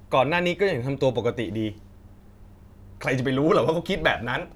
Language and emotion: Thai, frustrated